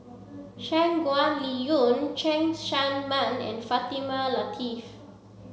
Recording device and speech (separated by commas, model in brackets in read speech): mobile phone (Samsung C7), read sentence